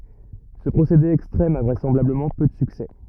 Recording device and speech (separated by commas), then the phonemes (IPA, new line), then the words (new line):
rigid in-ear microphone, read sentence
sə pʁosede ɛkstʁɛm a vʁɛsɑ̃blabləmɑ̃ pø də syksɛ
Ce procédé extrême a vraisemblablement peu de succès.